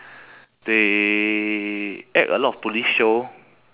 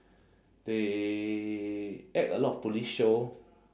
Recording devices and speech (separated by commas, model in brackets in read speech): telephone, standing microphone, conversation in separate rooms